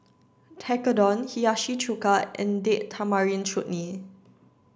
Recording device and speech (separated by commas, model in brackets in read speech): standing microphone (AKG C214), read sentence